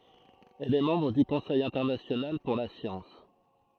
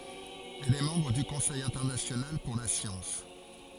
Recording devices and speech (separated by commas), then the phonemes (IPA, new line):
throat microphone, forehead accelerometer, read sentence
ɛl ɛ mɑ̃bʁ dy kɔ̃sɛj ɛ̃tɛʁnasjonal puʁ la sjɑ̃s